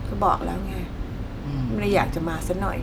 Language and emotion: Thai, frustrated